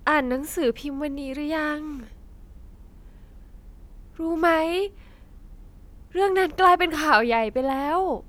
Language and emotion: Thai, sad